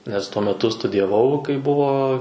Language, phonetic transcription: Lithuanian, nes ˈtuo meˈtu studijaˈvau kai ˈbuvo

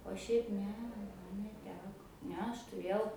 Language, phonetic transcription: Lithuanian, o ˈšiaip ˈne ˈman neˈteko ˈne ˈaš tuˈrėjau

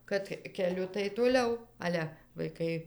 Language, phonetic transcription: Lithuanian, kad keˈliu tai toˈliau ˈale vaiˈkai

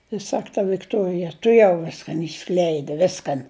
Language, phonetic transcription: Lithuanian, i ˈsak ta vikˈtuorija tuˈjau ˈviskan išˈskleidi ˈviskan

